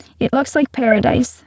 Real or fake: fake